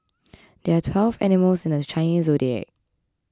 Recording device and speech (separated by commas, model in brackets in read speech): close-talking microphone (WH20), read sentence